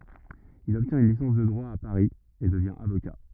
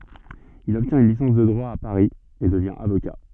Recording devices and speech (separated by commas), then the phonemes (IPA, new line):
rigid in-ear microphone, soft in-ear microphone, read sentence
il ɔbtjɛ̃t yn lisɑ̃s də dʁwa a paʁi e dəvjɛ̃ avoka